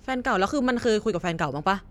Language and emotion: Thai, frustrated